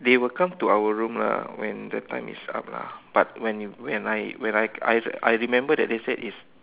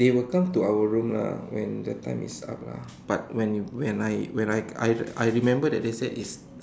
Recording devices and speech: telephone, standing microphone, conversation in separate rooms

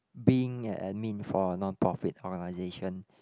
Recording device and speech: close-talking microphone, conversation in the same room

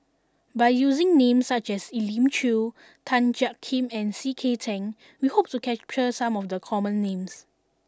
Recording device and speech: standing microphone (AKG C214), read sentence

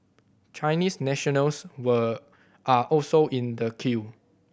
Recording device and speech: boundary microphone (BM630), read sentence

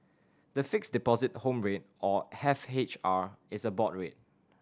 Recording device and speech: standing microphone (AKG C214), read sentence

